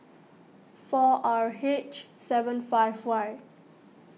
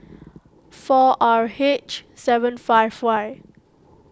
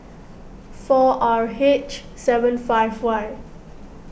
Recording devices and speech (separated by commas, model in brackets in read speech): mobile phone (iPhone 6), close-talking microphone (WH20), boundary microphone (BM630), read sentence